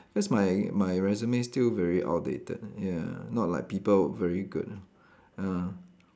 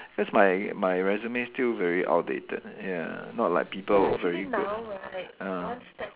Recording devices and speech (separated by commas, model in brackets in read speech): standing microphone, telephone, conversation in separate rooms